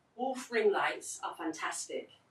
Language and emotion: English, neutral